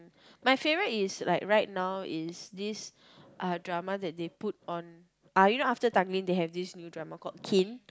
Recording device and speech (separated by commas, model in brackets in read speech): close-talking microphone, conversation in the same room